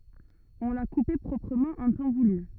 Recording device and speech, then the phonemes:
rigid in-ear microphone, read sentence
ɔ̃ la kupe pʁɔpʁəmɑ̃ ɑ̃ tɑ̃ vuly

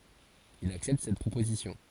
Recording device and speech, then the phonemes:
forehead accelerometer, read sentence
il aksɛpt sɛt pʁopozisjɔ̃

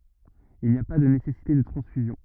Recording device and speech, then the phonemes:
rigid in-ear microphone, read sentence
il ni a pa də nesɛsite də tʁɑ̃sfyzjɔ̃

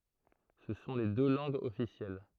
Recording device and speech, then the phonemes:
throat microphone, read sentence
sə sɔ̃ le dø lɑ̃ɡz ɔfisjɛl

